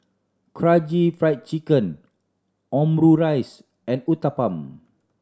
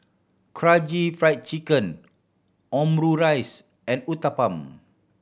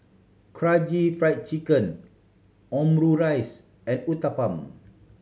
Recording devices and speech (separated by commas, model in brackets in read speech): standing microphone (AKG C214), boundary microphone (BM630), mobile phone (Samsung C7100), read sentence